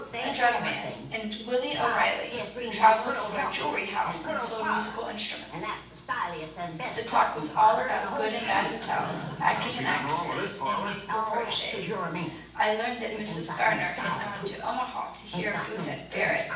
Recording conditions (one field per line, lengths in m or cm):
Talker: one person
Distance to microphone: 9.8 m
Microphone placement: far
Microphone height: 1.8 m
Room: large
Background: television